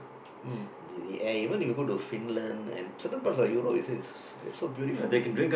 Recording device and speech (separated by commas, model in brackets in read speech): boundary microphone, conversation in the same room